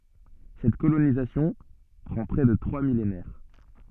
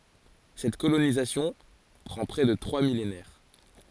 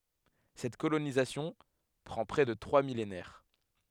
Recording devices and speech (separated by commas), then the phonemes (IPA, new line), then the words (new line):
soft in-ear microphone, forehead accelerometer, headset microphone, read sentence
sɛt kolonizasjɔ̃ pʁɑ̃ pʁɛ də tʁwa milenɛʁ
Cette colonisation prend près de trois millénaires.